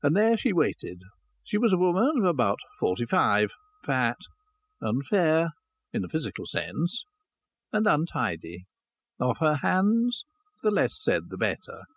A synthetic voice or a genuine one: genuine